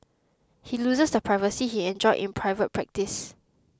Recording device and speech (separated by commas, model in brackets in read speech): close-talking microphone (WH20), read sentence